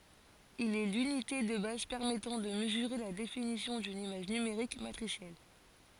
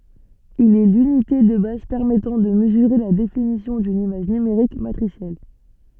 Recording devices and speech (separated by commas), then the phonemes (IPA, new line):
forehead accelerometer, soft in-ear microphone, read sentence
il ɛ lynite də baz pɛʁmɛtɑ̃ də məzyʁe la definisjɔ̃ dyn imaʒ nymeʁik matʁisjɛl